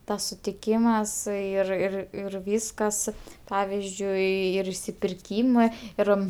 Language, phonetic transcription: Lithuanian, ˈtas sutiˈkymas ir ir ir ˈvyskas ˈpavizdžiui ir išsipirˈkymɜ ˈir

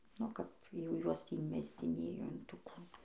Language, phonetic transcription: Lithuanian, o ˈkap jau ˈjuos tį inˈmesdzinėjo in ˈtų ˈkų

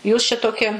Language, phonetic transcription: Lithuanian, jūs čia ˈtoki

